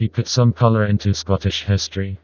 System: TTS, vocoder